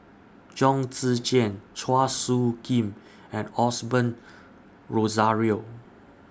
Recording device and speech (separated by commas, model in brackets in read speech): standing microphone (AKG C214), read sentence